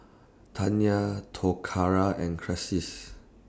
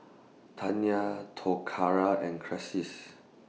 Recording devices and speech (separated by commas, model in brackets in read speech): standing microphone (AKG C214), mobile phone (iPhone 6), read sentence